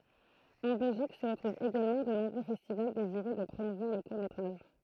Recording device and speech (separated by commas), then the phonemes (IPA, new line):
throat microphone, read sentence
ɑ̃ bɛlʒik sə ʁətʁuvt eɡalmɑ̃ də nɔ̃bʁø fɛstival deziʁø də pʁomuvwaʁ lə kuʁ metʁaʒ